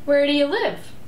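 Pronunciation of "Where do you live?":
'Where do you live?' is said with a rising intonation and sounds very friendly.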